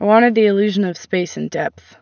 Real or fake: real